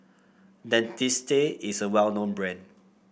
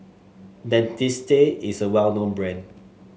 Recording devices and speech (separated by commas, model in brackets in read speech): boundary microphone (BM630), mobile phone (Samsung S8), read sentence